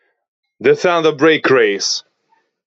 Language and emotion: English, surprised